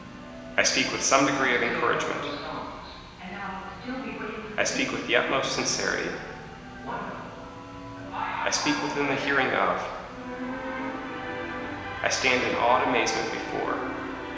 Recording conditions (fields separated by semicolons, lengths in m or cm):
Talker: one person; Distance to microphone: 1.7 m; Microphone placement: close; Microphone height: 1.0 m; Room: very reverberant, large; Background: television